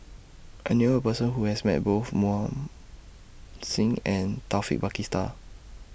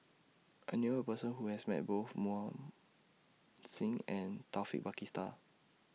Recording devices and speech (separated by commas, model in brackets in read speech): boundary microphone (BM630), mobile phone (iPhone 6), read sentence